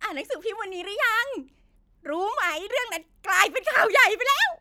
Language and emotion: Thai, happy